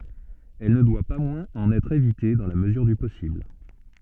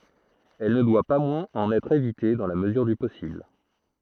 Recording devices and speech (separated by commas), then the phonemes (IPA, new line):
soft in-ear microphone, throat microphone, read sentence
ɛl nə dwa pa mwɛ̃z ɑ̃n ɛtʁ evite dɑ̃ la məzyʁ dy pɔsibl